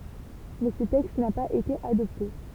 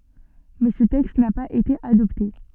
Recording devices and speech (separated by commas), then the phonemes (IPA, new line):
temple vibration pickup, soft in-ear microphone, read sentence
mɛ sə tɛkst na paz ete adɔpte